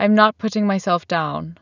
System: none